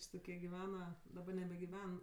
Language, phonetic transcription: Lithuanian, ˈči toˈkie giˈvena daˈba nebegiˈven

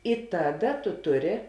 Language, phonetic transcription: Lithuanian, i ˈtaˌda tu ˈtuˌri

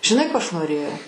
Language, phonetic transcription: Lithuanian, žiˈnai ˈko ˈaš noˈrėjau

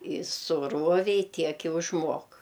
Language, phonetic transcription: Lithuanian, i suˈruovei ˈtiek i užˈmuok

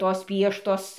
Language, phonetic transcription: Lithuanian, ˈtos ˈpieštos

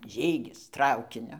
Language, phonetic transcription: Lithuanian, ˈžygis ˈtraukiniu

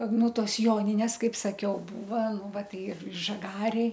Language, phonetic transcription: Lithuanian, ˈnu ˈtos ˈjoninės ˈkaip saˈkiau ˈbūva ˈnu ˈva ˈtai ir žaˈgarėj

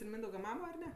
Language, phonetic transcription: Lithuanian, ir ˈmyndauga ˈmamo ar ˈne

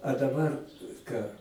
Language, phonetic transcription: Lithuanian, a daˈbar ˈką

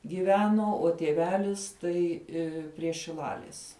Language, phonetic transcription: Lithuanian, giˈveno o tieˈvelis ˈtai ˈi prie šiˈlalis

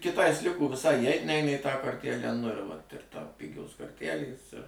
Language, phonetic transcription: Lithuanian, kiˈtais ˈliko viˈsai įˈeit ˈneina į tą korˈtælę nu ir ˈvat ir ˈtau ˈpigios korˈtælės ir

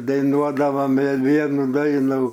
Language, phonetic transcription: Lithuanian, daiˈnuodavam ir ˈvienu ˈdainu

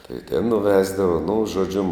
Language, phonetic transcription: Lithuanian, tai ten nuˈvesdava nu žoˈdžiu

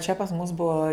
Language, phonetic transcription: Lithuanian, čia pas mus ˈbuo

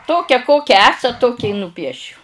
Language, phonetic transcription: Lithuanian, ˈtokia ˈkokia ˈesat ˈtokia i nuˈpiešiu

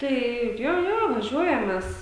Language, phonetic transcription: Lithuanian, ˈtai ˈjo ˈjo vaˈžiuojam ˈmes

